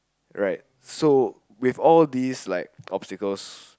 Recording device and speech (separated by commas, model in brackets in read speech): close-talking microphone, conversation in the same room